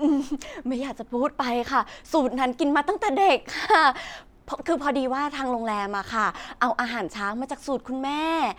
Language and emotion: Thai, happy